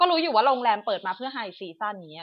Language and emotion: Thai, frustrated